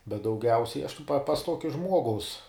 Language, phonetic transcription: Lithuanian, bet dauˈgiausiai aš tai pa pas ˈtuokia ˈžmuogaus

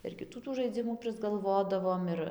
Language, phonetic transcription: Lithuanian, ir kiˈtų tų žaiˈdzimų prisgalˈvodavom ˈir

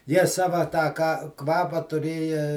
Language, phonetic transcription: Lithuanian, jie ˈsava tą ka ˈkvapą tuˈrėja

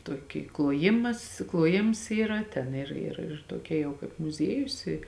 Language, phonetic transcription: Lithuanian, ˈtuoˌky kluoˈjimas kluoˈjims ˈyra ˈten ˈir ir ir ˈtuoˌkia ˈjau kaip muˈziejus i

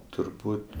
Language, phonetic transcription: Lithuanian, turˈbūt'

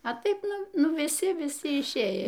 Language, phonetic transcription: Lithuanian, a ˈtaip ˈnu ˈnu viˈsi viˈsi išˈėj

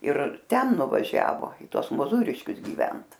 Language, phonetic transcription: Lithuanian, ir ˈten nuvaˈžiavo i ˈtuos moˈzūriškius gyˈvent

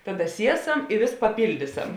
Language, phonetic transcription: Lithuanian, ˈtaˌda ˈsieˌsam i vės paˈpildyˌsam

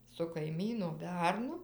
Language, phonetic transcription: Lithuanian, su kaiˈmyno ˈbernu

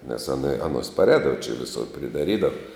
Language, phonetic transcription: Lithuanian, nes aˈna aˈnos paˈrēdava čia viˈsur pridaˈrydav

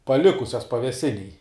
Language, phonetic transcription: Lithuanian, paˈlikusias paveˈsinėj

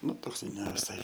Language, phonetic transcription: Lithuanian, ˈnu ˈtoks i neviˈsai

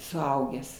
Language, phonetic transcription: Lithuanian, suˈaugęs

